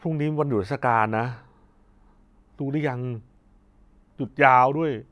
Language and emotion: Thai, frustrated